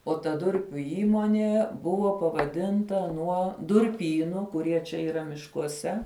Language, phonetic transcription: Lithuanian, o ta ˈdurpiu ˈįmonė ˈbuvo pavaˈdinta ˈnuo durˈpynu kuˈrie čia yˈra miškuoˈse

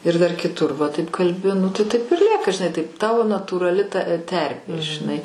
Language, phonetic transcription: Lithuanian, ir dar kiˈtur va taip kalˈbi nu tai taip ir ˈlieka žiˈnai taip ˈtavo natūraˈli ta ˈterpė žiˈnai

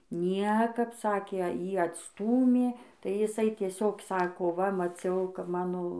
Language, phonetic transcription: Lithuanian, ˈniekap ˈsakė ˈjį atsˈtūmė tai jiˈsai tieˈsiog ˈsako va maˈciau kap ˈmano

